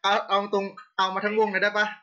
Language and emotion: Thai, happy